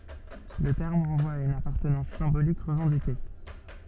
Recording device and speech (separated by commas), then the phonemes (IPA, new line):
soft in-ear microphone, read sentence
lə tɛʁm ʁɑ̃vwa a yn apaʁtənɑ̃s sɛ̃bolik ʁəvɑ̃dike